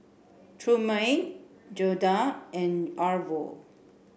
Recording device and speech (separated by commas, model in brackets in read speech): boundary microphone (BM630), read sentence